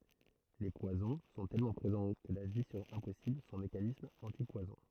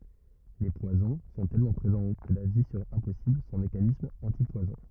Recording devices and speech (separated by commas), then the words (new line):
throat microphone, rigid in-ear microphone, read sentence
Les poisons sont tellement présents que la vie serait impossible sans mécanismes antipoisons.